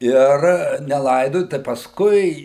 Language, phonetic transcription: Lithuanian, ˈir neˈlaidoju tai pasˈkui

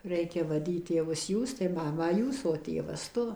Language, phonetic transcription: Lithuanian, ˈreikia vaˈdyt tėˈvus ˈjūs tai ˈmamą ˈjūs o ˈtėvas ˈtu

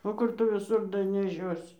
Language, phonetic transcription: Lithuanian, o ˈkur tu viˈsur daneˈšiosi

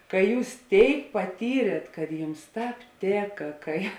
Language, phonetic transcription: Lithuanian, ka ˈjūs ˈtėik paˈtyrėt kad ˈjums ˈtāp ˈtėka kai

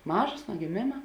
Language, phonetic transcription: Lithuanian, ˈmažos nuo giˈmėma

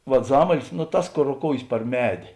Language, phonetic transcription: Lithuanian, vat ˈzamalis nu ˈtas ˈkor roˈkoujės par ˈmedė

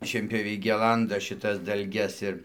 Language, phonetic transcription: Lithuanian, šienpjoˈviai ˈgelanda šiˈtas dalˈges ir

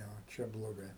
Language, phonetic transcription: Lithuanian, tai vo ˈčia bloˈgai

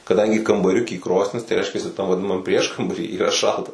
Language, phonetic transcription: Lithuanian, kaˈdangi kambaˈriuky ˈkrosnis tai ˈreiškiasi tam vaˈdinamam ˈprieškambary yˈra ˈšalta

